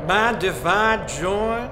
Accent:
Heavy Southern accent